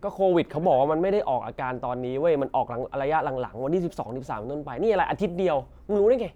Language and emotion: Thai, frustrated